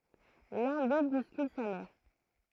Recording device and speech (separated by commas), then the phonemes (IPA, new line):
throat microphone, read sentence
lœ̃ dø buskyl sa mɛʁ